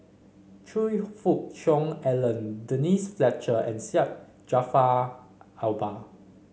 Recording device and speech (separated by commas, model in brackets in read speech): mobile phone (Samsung C5), read sentence